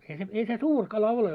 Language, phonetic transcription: Finnish, ei se ei se "suur kala 'ole .
- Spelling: ei se ei se suuri kala ole

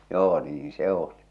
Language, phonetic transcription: Finnish, 'joo , 'niiḭ "se oli .
- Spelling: joo niin se oli

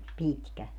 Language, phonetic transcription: Finnish, 'pitkä .
- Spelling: pitkä

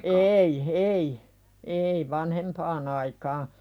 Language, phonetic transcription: Finnish, ei , ei , ei "vanhempaan ‿aikaa .
- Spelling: ei ei ei vanhempaan aikaa

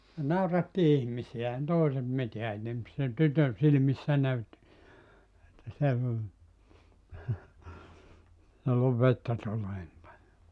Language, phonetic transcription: Finnish, (se) 'nauratti 'ihmisi₍ä ehän 'tòiset 'miteä ei ne (mut) sen 'tytön 'silⁱmissä 'näytti , että 'se ‿v- , (jollov) 'vettä 'tulee nim paljo .
- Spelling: se nauratti ihmisiä eihän toiset mitään ei ne mutta sen tytön silmissä näytti että se - jolloin vettä tulee niin paljon

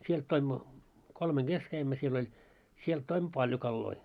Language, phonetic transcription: Finnish, 'sielt toimmo , 'kolmeŋ 'ɢes käimmö siel ‿oĺ , sielt toimmo "paĺjo 'kalloi .
- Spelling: sieltä toimme kolmen kesken kävimme siellä oli sieltä toimme paljon kaloja

